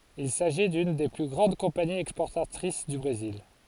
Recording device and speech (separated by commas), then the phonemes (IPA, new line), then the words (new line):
forehead accelerometer, read sentence
il saʒi dyn de ply ɡʁɑ̃d kɔ̃paniz ɛkspɔʁtatʁis dy bʁezil
Il s'agit d'une des plus grandes compagnies exportatrices du Brésil.